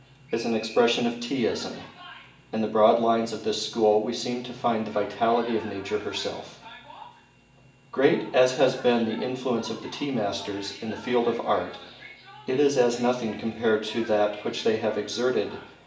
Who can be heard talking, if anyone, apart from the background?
One person.